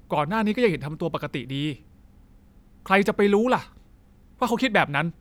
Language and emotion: Thai, angry